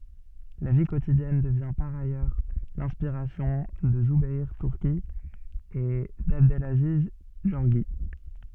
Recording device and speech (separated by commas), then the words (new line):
soft in-ear microphone, read sentence
La vie quotidienne devient par ailleurs l'inspiration de Zoubeir Turki et d'Abdelaziz Gorgi.